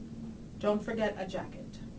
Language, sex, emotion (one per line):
English
female
neutral